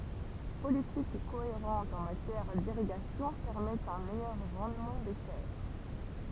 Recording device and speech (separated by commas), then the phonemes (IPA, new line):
temple vibration pickup, read sentence
politik koeʁɑ̃t ɑ̃ matjɛʁ diʁiɡasjɔ̃ pɛʁmɛtɑ̃ œ̃ mɛjœʁ ʁɑ̃dmɑ̃ de tɛʁ